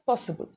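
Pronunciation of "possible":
'Possible' is said with an Indian pronunciation, and it sounds flat.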